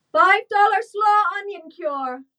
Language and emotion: English, neutral